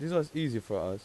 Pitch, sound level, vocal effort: 150 Hz, 88 dB SPL, normal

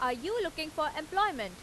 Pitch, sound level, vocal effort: 310 Hz, 93 dB SPL, loud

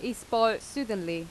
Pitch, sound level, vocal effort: 225 Hz, 87 dB SPL, loud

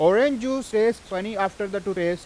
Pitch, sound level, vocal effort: 205 Hz, 96 dB SPL, very loud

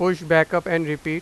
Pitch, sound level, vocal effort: 165 Hz, 95 dB SPL, loud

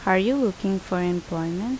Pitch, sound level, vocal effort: 190 Hz, 78 dB SPL, normal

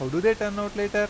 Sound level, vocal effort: 91 dB SPL, normal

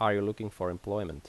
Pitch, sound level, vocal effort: 100 Hz, 84 dB SPL, normal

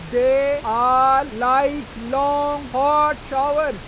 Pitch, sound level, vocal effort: 270 Hz, 103 dB SPL, very loud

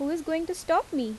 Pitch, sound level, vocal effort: 320 Hz, 82 dB SPL, normal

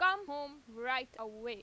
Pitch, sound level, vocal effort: 255 Hz, 96 dB SPL, loud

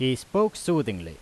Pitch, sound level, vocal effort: 130 Hz, 90 dB SPL, very loud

